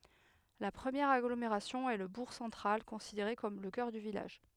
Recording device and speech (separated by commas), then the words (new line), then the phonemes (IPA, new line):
headset microphone, read sentence
La première agglomération est le bourg central, considéré comme le cœur du village.
la pʁəmjɛʁ aɡlomeʁasjɔ̃ ɛ lə buʁ sɑ̃tʁal kɔ̃sideʁe kɔm lə kœʁ dy vilaʒ